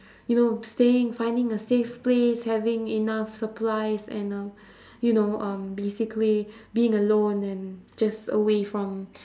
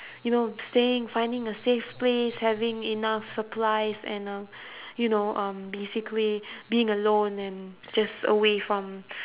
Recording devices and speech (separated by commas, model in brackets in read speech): standing microphone, telephone, conversation in separate rooms